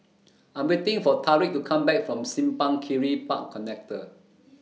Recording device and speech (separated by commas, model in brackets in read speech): mobile phone (iPhone 6), read sentence